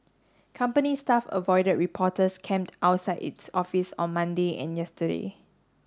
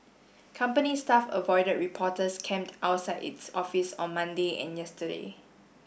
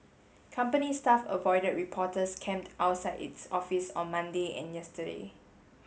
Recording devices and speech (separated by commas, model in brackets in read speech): standing microphone (AKG C214), boundary microphone (BM630), mobile phone (Samsung S8), read sentence